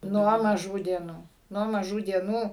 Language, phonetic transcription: Lithuanian, ˈnuo maˈžų dieˈnų ˈnuo maˈžų dieˈnų

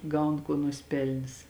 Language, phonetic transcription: Lithuanian, ˈgaun ˈkuo nusiˈpelnis

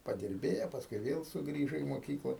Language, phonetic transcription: Lithuanian, padirˈbėjo pasˈkui ˈvėl suˈgrįžo į moˈkykla

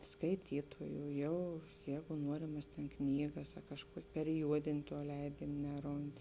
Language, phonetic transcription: Lithuanian, skaiˈtytojū ˈjau ˈjeigu ˈnuorimas tėn ˈknygas a kažˈkuok' periˈjuodėn' tuo ˈleidėn' ˈneˌrond

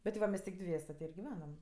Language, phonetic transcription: Lithuanian, ˈbet va ˈmes' tik ˈdviese ti ir giˈvenam

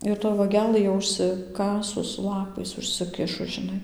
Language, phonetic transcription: Lithuanian, ir toj vaˈgelɘ jau užsiˈkasus ˈlapais užsiˈkišus žiˈnai

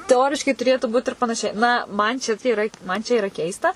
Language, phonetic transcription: Lithuanian, teˈoriškai tuˈrėtų būt ir panaˈšiai ˈna ˈman čia ta yˈra ˈman ˈčia iˈra ˈkeista

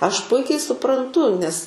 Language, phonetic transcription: Lithuanian, ˈaš ˈpuikiai supranˈtu nes

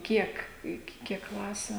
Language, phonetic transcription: Lithuanian, ˈkiek iki ˈkiek ˈklasiu

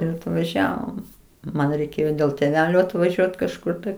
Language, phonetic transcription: Lithuanian, ir atvaˈžiavom ˈman reiˈkėjo dėl tėˈvelio atvaˈžiuot kažˈkur tai

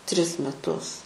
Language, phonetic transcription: Lithuanian, ˈtris meˈtus

